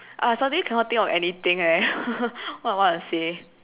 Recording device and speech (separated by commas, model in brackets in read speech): telephone, conversation in separate rooms